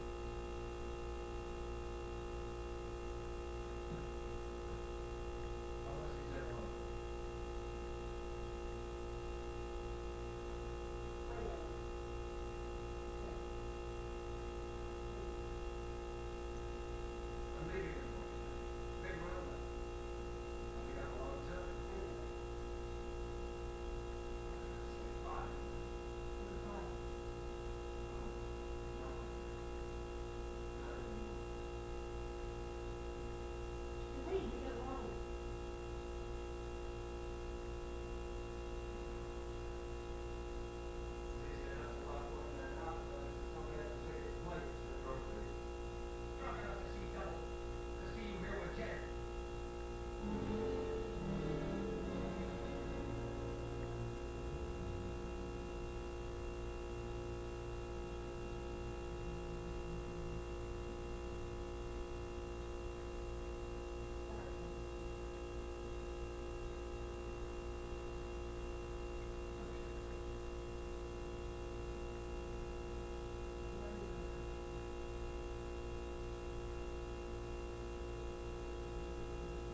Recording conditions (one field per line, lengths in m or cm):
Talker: no one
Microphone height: 3 cm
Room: large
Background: television